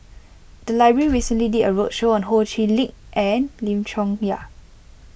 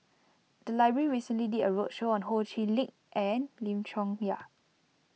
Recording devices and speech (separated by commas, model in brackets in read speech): boundary microphone (BM630), mobile phone (iPhone 6), read sentence